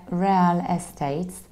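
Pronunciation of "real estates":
'Real estate' is pronounced incorrectly here.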